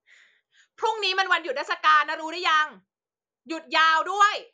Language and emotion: Thai, angry